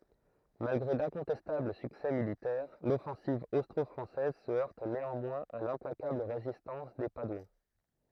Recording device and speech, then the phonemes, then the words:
throat microphone, read sentence
malɡʁe dɛ̃kɔ̃tɛstabl syksɛ militɛʁ lɔfɑ̃siv ostʁɔfʁɑ̃sɛz sə œʁt neɑ̃mwɛ̃z a lɛ̃plakabl ʁezistɑ̃s de padwɑ̃
Malgré d'incontestables succès militaires, l'offensive austro-française se heurte néanmoins à l'implacable résistance des Padouans.

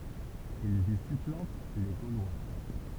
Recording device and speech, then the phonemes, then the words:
temple vibration pickup, read sentence
ilz i syplɑ̃t le ɡolwa
Ils y supplantent les Gaulois.

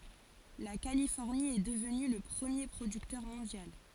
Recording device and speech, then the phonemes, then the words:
forehead accelerometer, read sentence
la kalifɔʁni ɛ dəvny lə pʁəmje pʁodyktœʁ mɔ̃djal
La Californie est devenue le premier producteur mondial.

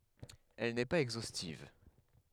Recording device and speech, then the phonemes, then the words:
headset microphone, read sentence
ɛl nɛ paz ɛɡzostiv
Elle n'est pas exhaustive.

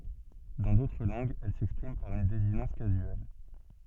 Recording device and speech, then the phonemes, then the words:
soft in-ear microphone, read sentence
dɑ̃ dotʁ lɑ̃ɡz ɛl sɛkspʁim paʁ yn dezinɑ̃s kazyɛl
Dans d'autres langues, elle s'exprime par une désinence casuelle.

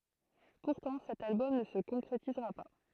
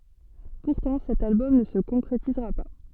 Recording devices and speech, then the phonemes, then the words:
throat microphone, soft in-ear microphone, read sentence
puʁtɑ̃ sɛt albɔm nə sə kɔ̃kʁetizʁa pa
Pourtant, cet album ne se concrétisera pas.

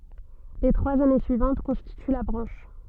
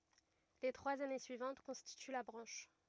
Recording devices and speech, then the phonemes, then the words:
soft in-ear microphone, rigid in-ear microphone, read sentence
le tʁwaz ane syivɑ̃t kɔ̃stity la bʁɑ̃ʃ
Les trois années suivantes constituent la branche.

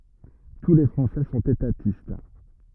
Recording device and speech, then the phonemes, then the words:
rigid in-ear microphone, read sentence
tu le fʁɑ̃sɛ sɔ̃t etatist
Tous les Français sont étatistes.

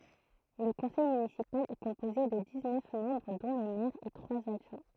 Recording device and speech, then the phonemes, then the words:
throat microphone, read sentence
lə kɔ̃sɛj mynisipal ɛ kɔ̃poze də diz nœf mɑ̃bʁ dɔ̃ lə mɛʁ e tʁwaz adʒwɛ̃
Le conseil municipal est composé de dix-neuf membres dont le maire et trois adjoints.

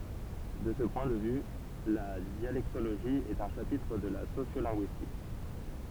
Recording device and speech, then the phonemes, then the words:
temple vibration pickup, read sentence
də sə pwɛ̃ də vy la djalɛktoloʒi ɛt œ̃ ʃapitʁ də la sosjolɛ̃ɡyistik
De ce point de vue, la dialectologie est un chapitre de la sociolinguistique.

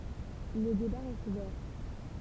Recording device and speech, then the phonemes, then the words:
temple vibration pickup, read sentence
lə deba ʁɛst uvɛʁ
Le débat reste ouvert.

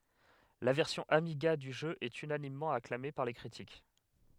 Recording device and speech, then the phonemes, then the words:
headset microphone, read sentence
la vɛʁsjɔ̃ amiɡa dy ʒø ɛt ynanimmɑ̃ aklame paʁ le kʁitik
La version Amiga du jeu est unanimement acclamée par les critiques.

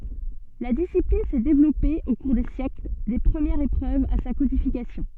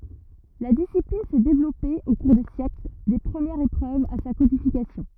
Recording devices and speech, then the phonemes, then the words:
soft in-ear microphone, rigid in-ear microphone, read sentence
la disiplin sɛ devlɔpe o kuʁ de sjɛkl de pʁəmjɛʁz epʁøvz a sa kodifikasjɔ̃
La discipline s'est développée au cours des siècles, des premières épreuves à sa codification.

